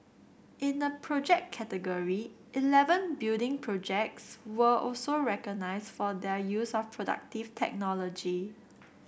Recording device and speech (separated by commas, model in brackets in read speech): boundary microphone (BM630), read sentence